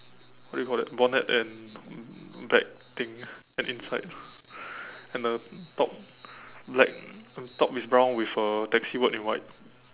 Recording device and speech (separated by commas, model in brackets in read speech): telephone, conversation in separate rooms